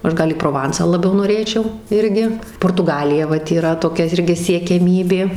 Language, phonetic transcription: Lithuanian, ˈaš ˈgal į proˈvansą laˈbiau noˈrėčiau ˈirgi portuˈgalija ˈvat yˈra toˈkia ˈirgi siekiaˈmybė

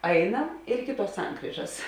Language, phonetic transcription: Lithuanian, ˈainam ir ˈiki ˌtuos ˈsankryžas

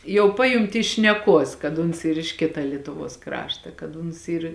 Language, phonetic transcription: Lithuanian, jau ˈpajunti iš šneˈkuos kad ˈuns ˈyr iš ˈkita ˈlietuˌvuos ˈkrašta kad ˈuns ˈyr

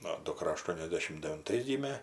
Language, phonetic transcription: Lithuanian, ˈnu duˈkra aˈštuoniasdešim devinˈtais ˈgymė

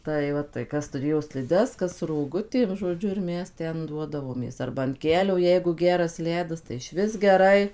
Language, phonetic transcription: Lithuanian, tai ˈva tai ˈkas tuˈrėjo sliˈdes ˈkas roˈgutėm žoˈdžiu ir ˈmes ˈten ˈduodavomės ˈarba an ˈkelio ˈjeigu ˈgeras ˈledas tai ˈišvis geˈrai

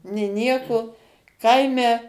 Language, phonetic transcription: Lithuanian, nė ˈnieko ˈkaime

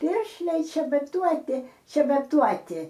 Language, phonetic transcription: Lithuanian, ˈpiršliai čebaˈtuoti čebaˈtuoti

